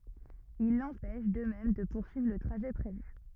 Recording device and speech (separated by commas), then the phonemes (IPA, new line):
rigid in-ear microphone, read sentence
il lɑ̃pɛʃ də mɛm də puʁsyivʁ lə tʁaʒɛ pʁevy